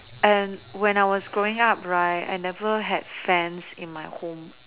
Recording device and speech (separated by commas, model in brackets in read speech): telephone, conversation in separate rooms